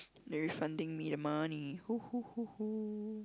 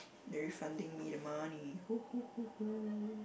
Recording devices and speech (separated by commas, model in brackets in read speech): close-talking microphone, boundary microphone, conversation in the same room